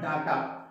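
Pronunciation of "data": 'Data' is pronounced incorrectly here.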